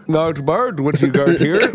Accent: In an Irish Accent